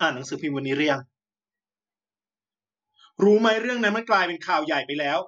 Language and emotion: Thai, angry